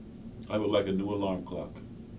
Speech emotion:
neutral